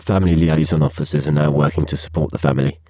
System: VC, spectral filtering